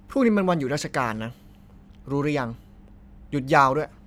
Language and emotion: Thai, frustrated